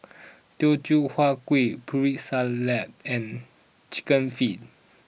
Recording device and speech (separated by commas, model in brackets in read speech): boundary microphone (BM630), read sentence